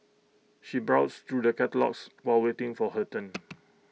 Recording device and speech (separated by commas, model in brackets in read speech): mobile phone (iPhone 6), read sentence